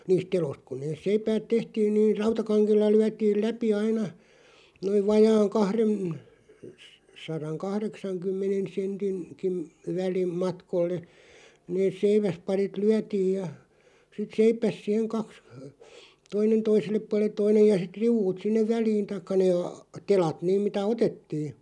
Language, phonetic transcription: Finnish, 'niist "teloⁱst kᵘ 'neeˢ 'seipäät "tehtiin niiʳ "rautakaŋk(e)lla 'lyätiil "läpi 'aina , noiv 'vajaaŋ "kahrem- , s- 'saraŋ "kahreksaŋ'kymmenen̬ 'sentin̳§- '-kin̬ , 'väli- , '-matkolle , neeˢ 'seiväsparit "lyätiij ja , sit "seip̳§äs 'siheŋ 'kaks , 'toinen "toisellep 'pual̆leᵗ "toinej ja sit 'riuᵛut 'sinnev "väliin taⁱkka nee a- , 'telat "nìm mitä "otettii .
- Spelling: niistä teloista kun ne seipäät tehtiin niin rautakangella lyötiin läpi aina noin vajaan - - kahdensadan kahdeksankymmenen - sentinkin - välimatkalle ne seiväsparit lyötiin ja sitten seiväs siihen kaksi toinen toiselle puolelle toinen ja sitten riu'ut sinne väliin tai ne - telat niin mitä otettiin

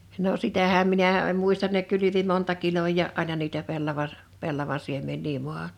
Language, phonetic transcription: Finnish, no 'sitähäm 'minä̀ en 'muistan ne 'kylyvi monta 'kiloj̀à’ '’aina niitä 'pellava(s) , 'pellava 'siemmen̆nii 'mua(han) .
- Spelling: no sitähän minä en muista ne kylvi monta kiloa aina niitä pellava pellava siemeniä maahan

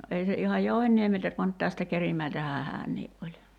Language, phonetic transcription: Finnish, 'ei se ihaj "Jouhenniemeltä van (nyt) tästä 'Kerimäiltähää "häännii’ ’oĺ .
- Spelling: ei se ihan Jouhenniemeltä vaan nyt tästä Kerimäeltähän hän oli

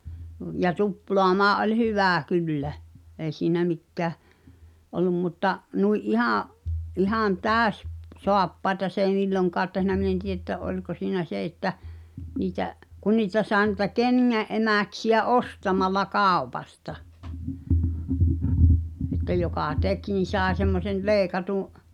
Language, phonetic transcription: Finnish, ja "tuploamaa’ ’oĺ 'hyvä̀ 'kyllä , èi̬ siinä 'mikkä̀ , ol̆lum mutta , 'nui’ '’ihàa̰ , '’ihàn "tääᵒ̈s- , -'soappaeta s ‿èi 'milloŋkaat tehnä min ‿en 'tiʲe ‿ttä 'oĺko siinä "se että , 'niitä’ , 'kun niitä sàe nuⁱta "ken̳ŋä ’emä̀ksi₍ä 'ostamalla "kàu̬pasta , että 'jokà "tek nin̬ 'sàe semmosen̳ "leekatu’ ,.
- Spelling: ja tuplaamaan oli hyvä kyllä ei siinä mikään ollut mutta noin ihan ihan - täyssaappaita se ei milloinkaan tehnyt minä en tiedä että oliko siinä se että niitä kun niitä sai niitä kengän emäksiä ostamalla kaupasta että joka teki niin sai semmoisen leikatun

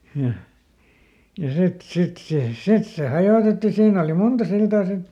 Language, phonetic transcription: Finnish, ja , ja ˈsit , ˈsit sè , "sit se ˈhajòtetti ˈsiin ‿oli ˈmunta ˈsiltaa ˈsit .
- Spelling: ja ja sitten sitten se sitten se hajotettiin siinä oli monta siltaa sitten

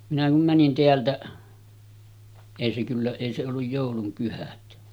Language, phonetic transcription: Finnish, minä kum 'mänin 'teältäˀ , èi se kyllä , èi se olluj 'jòulum pyhät .
- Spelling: minä kun menin täältä ei se kyllä ei se ollut joulun pyhät

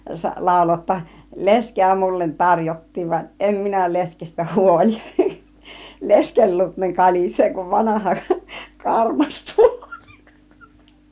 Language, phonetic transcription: Finnish, 'làulo ‿ᵒtta , » 'lesk̀eä mullen 'taŕjot̀tiiv vaˀ 'ˀem minä 'leskestä "huol͕ik , 'leskel luut ne 'kalis̀ee kuv 'vanaha , 'karmastuoli « .
- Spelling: lauloi jotta leskeä minulle tarjottiin vaan en minä leskestä huoli lesken luut ne kalisee kuin vanha karmastuoli

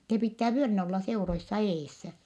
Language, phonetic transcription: Finnish, se pittää vyölinä olla seuroissa eessä .
- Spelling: se pitää vyölinä olla seuroissa edessä

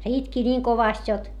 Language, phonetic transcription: Finnish, se itki ńiiŋ kovast jot .
- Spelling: se itki niin kovasti jotta

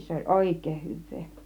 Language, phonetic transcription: Finnish, 'se oĺ "òik̆kèih 'hyv̆vee .
- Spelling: se oli oikein hyvää

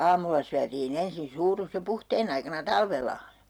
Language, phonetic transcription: Finnish, 'aamulla syätii'n ‿ensin 'suurus jo "puhteen ‿aikana "talvella .
- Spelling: aamulla syötiin ensin suurus jo puhteen aikana talvella

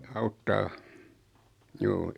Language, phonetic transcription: Finnish, auttaa , "juu .
- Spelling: auttaa juu

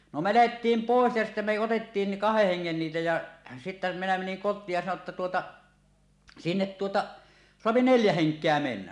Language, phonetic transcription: Finnish, no , me 'lähettiim "pòes ja sittä me otettiin ni "kaheh 'heŋŋen niitä ja , sittä minä meniŋ kot̆tiij ja sano ‿tta tuota , » "sinnet 'tuota , 'soapi "neljä 'heŋk̀eä 'mennä « .
- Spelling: no me lähdettiin pois ja sitten me otettiin niin kahden hengen niitä ja sitten minä menin kotiin ja sanoin jotta tuota sinne tuota saa neljä henkeä mennä

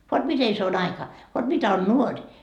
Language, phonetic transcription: Finnish, vot 'mite se 'aika , vot 'mitä on "nuoŕ .
- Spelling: vot miten se aika vot mitä on nuori

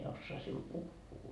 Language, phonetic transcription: Finnish, en 'ossaa siul 'puhhuu .
- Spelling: en osaa sinulle puhua

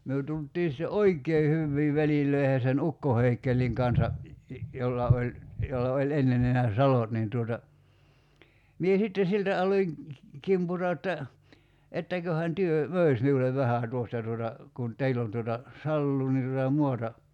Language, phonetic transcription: Finnish, myö 'tult̀ii sⁱtte "oik̀ee hyvvii 'välil̆löi̬he sen "ukko 'Heikkelliŋ kansa , 'jolla oĺ , 'jolla oĺ 'enne (ni nää) "salot niin tuota , 'mie 'sitte 'siltä aloiŋ , 'kimpur̀(oija) [j]otta , » 'ettäköhän 'työ , "mö̀is miulev 'vähä̀ 'tuosta tuota , kun , 'teill ‿on tuota , "salluu ni tuta 'muata « ,.
- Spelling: me tultiin sitten oikein hyviin väleihin sen ukko Heikelin kanssa jolla oli jolla oli ennen niin nämä salot niin tuota minä sitten siltä aloin kimpuroida jotta etteköhän te möisi minulle vähän tuosta tuota kun teillä on tuota saloa niin tuota maata

